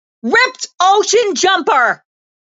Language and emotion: English, sad